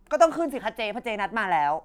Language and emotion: Thai, angry